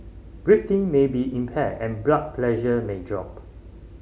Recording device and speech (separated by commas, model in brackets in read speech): mobile phone (Samsung C5010), read sentence